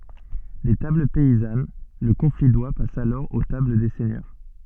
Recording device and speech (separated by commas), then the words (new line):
soft in-ear microphone, read sentence
Des tables paysannes, le confit d'oie passe alors aux tables des seigneurs.